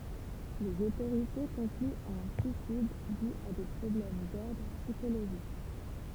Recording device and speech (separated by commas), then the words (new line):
temple vibration pickup, read sentence
Les autorités concluent à un suicide dû à des problèmes d'ordre psychologique.